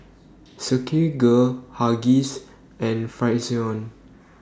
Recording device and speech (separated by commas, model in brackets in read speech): standing microphone (AKG C214), read sentence